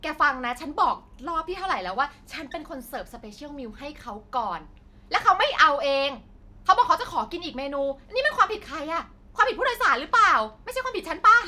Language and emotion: Thai, angry